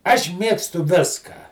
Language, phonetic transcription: Lithuanian, aš ˈmėgstu ˈviską

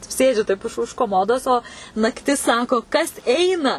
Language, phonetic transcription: Lithuanian, ˈsėdžiu taip už už koˈmodos o nakˈtis ˈsako kas ˈeina

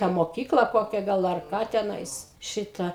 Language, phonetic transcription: Lithuanian, tą moˈkykla ˈkokia ˈgal ar ˈką teˈnais ˈšita

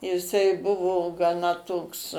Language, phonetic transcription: Lithuanian, jiˈsai ˈbuvo gaˈna ˈtoks

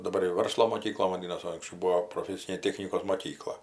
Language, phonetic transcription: Lithuanian, daˈbar jau ˈvarslo moˈkykla vaˈdynas o anksˈčiau ˈbūo proˈfesinė ˈtechnikos moˈkykla

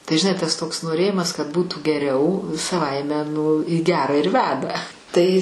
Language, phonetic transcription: Lithuanian, tai žiˈnai tas toks noˈrėjimas kad ˈbūtų geˈriau saˈvaime nu į ˈgera ir ˈveda ˈtai

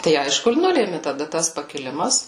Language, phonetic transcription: Lithuanian, tai ˈaišku ir ˈnulėmi taˈda tas pakiˈlimas

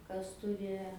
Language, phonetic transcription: Lithuanian, ˈkas ˈturi

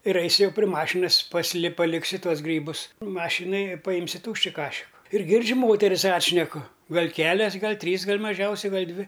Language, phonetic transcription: Lithuanian, ir ˈaisiu ˈjau pri ˈmašinas pasiˈli paˈliksiu ˈtuos ˈgrybus ˈmašinaj i paˈjimsiu ˈtūšči ˈkašiku ir ˈgirdžiu ˈmoteris ˈatšneku ˈgal' ˈkelias ˈgal' ˈtrys gal' maˈžiausiai ˈgal' ˈdvi

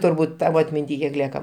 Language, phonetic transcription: Lithuanian, turˈbūt ˈtavo atminˈty kiek ˈlieka

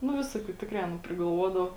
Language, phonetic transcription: Lithuanian, nu ˈvisoˌkių ˈtikrai aˈna prigalˈvuodava

